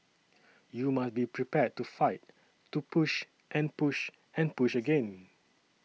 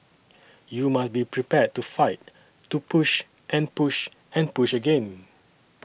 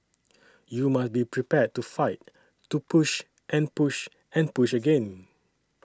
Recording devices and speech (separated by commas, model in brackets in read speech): mobile phone (iPhone 6), boundary microphone (BM630), standing microphone (AKG C214), read sentence